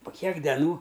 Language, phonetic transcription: Lithuanian, po ˈkiek deˈnų

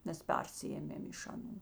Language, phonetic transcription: Lithuanian, ˈmes ˈpersiėmėm iš aˈnų

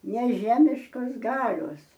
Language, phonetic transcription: Lithuanian, neˈžemiškos ˈgalios

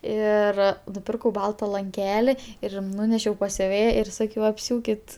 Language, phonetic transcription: Lithuanian, ˈir nuˈpirkau ˈbalta lanˈkeli ir ˈnūnešiau pas siuˈvėja ir ˈsakiau apˈsiūkit

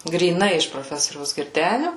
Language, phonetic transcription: Lithuanian, gryˈnai iš proˈfesoriaus girˈdeniu

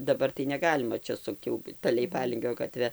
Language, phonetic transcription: Lithuanian, daˈbar tai neˈgalima ˈčia ˈsukt jau ˈta leiˈpalingio gaˈtve

